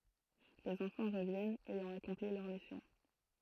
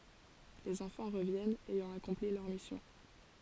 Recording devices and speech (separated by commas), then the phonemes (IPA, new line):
throat microphone, forehead accelerometer, read sentence
lez ɑ̃fɑ̃ ʁəvjɛnt ɛjɑ̃ akɔ̃pli lœʁ misjɔ̃